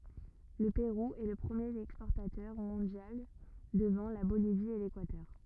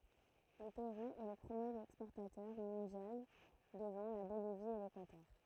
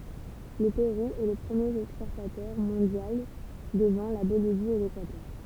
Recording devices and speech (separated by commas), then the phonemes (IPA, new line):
rigid in-ear microphone, throat microphone, temple vibration pickup, read sentence
lə peʁu ɛ lə pʁəmjeʁ ɛkspɔʁtatœʁ mɔ̃djal dəvɑ̃ la bolivi e lekwatœʁ